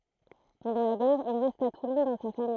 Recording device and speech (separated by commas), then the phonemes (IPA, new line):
throat microphone, read sentence
pɑ̃dɑ̃ la ɡɛʁ il ʁɛst a tulɔ̃ dɑ̃ sa famij